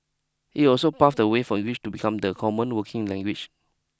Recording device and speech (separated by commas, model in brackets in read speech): close-talking microphone (WH20), read sentence